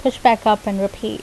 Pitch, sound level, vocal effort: 215 Hz, 82 dB SPL, normal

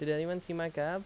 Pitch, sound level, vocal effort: 165 Hz, 86 dB SPL, loud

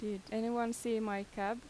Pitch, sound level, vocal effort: 220 Hz, 85 dB SPL, normal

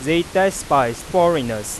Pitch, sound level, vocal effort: 150 Hz, 96 dB SPL, loud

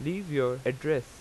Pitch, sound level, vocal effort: 140 Hz, 88 dB SPL, normal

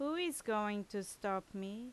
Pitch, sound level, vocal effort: 210 Hz, 85 dB SPL, loud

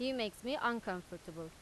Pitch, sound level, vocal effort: 210 Hz, 89 dB SPL, loud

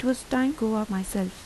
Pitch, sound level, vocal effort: 220 Hz, 80 dB SPL, soft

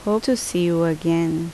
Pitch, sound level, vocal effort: 170 Hz, 78 dB SPL, normal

